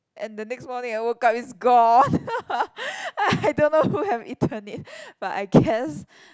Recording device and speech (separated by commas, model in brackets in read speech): close-talking microphone, conversation in the same room